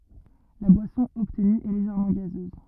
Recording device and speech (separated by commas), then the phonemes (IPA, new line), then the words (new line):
rigid in-ear microphone, read sentence
la bwasɔ̃ ɔbtny ɛ leʒɛʁmɑ̃ ɡazøz
La boisson obtenue est légèrement gazeuse.